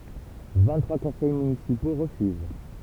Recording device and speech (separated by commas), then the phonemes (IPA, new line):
temple vibration pickup, read sentence
vɛ̃ɡtʁwa kɔ̃sɛj mynisipo ʁəfyz